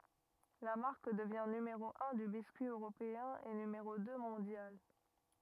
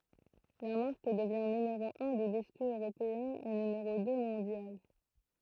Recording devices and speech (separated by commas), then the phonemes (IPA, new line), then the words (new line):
rigid in-ear microphone, throat microphone, read sentence
la maʁk dəvjɛ̃ nymeʁo œ̃ dy biskyi øʁopeɛ̃ e nymeʁo dø mɔ̃djal
La marque devient numéro un du biscuit européen et numéro deux mondial.